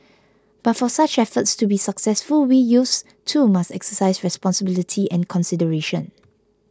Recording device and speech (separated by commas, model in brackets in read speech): close-talking microphone (WH20), read sentence